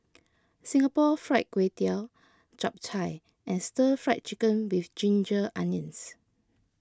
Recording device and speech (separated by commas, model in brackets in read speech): close-talking microphone (WH20), read sentence